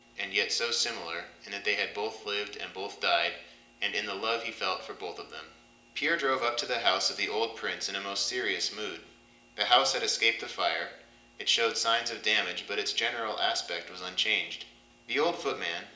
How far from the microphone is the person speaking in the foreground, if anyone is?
1.8 m.